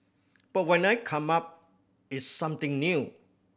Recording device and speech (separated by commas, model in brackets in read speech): boundary microphone (BM630), read sentence